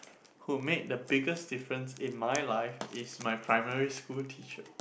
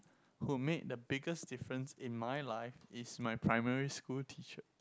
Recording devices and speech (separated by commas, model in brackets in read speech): boundary microphone, close-talking microphone, conversation in the same room